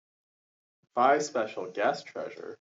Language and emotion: English, happy